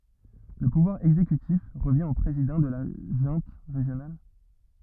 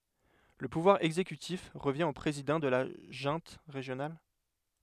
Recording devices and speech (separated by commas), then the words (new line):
rigid in-ear microphone, headset microphone, read sentence
Le pouvoir exécutif revient au président de la junte régionale.